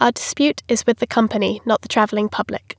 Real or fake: real